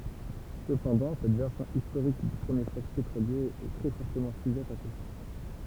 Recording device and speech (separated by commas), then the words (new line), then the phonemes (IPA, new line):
temple vibration pickup, read sentence
Cependant cette version historique du premier choc pétrolier est très fortement sujette à caution.
səpɑ̃dɑ̃ sɛt vɛʁsjɔ̃ istoʁik dy pʁəmje ʃɔk petʁolje ɛ tʁɛ fɔʁtəmɑ̃ syʒɛt a kosjɔ̃